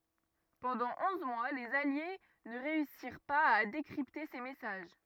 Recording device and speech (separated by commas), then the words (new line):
rigid in-ear microphone, read sentence
Pendant onze mois, les alliés ne réussirent pas à décrypter ces messages.